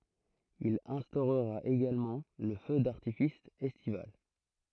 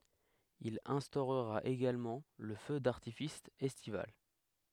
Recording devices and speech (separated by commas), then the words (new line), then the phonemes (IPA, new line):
throat microphone, headset microphone, read sentence
Il instaurera également le feu d'artifice estival.
il ɛ̃stoʁʁa eɡalmɑ̃ lə fø daʁtifis ɛstival